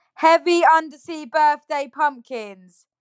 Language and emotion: English, angry